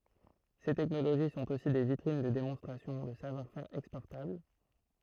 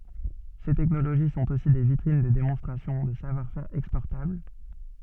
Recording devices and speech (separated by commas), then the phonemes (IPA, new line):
throat microphone, soft in-ear microphone, read sentence
se tɛknoloʒi sɔ̃t osi de vitʁin də demɔ̃stʁasjɔ̃ də savwaʁ fɛʁ ɛkspɔʁtabl